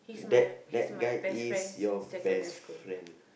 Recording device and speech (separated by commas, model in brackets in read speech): boundary microphone, conversation in the same room